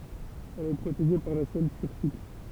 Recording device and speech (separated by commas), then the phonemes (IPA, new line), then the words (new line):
temple vibration pickup, read sentence
ɛl ɛ pʁoteʒe paʁ la sɛl tyʁsik
Elle est protégée par la selle turcique.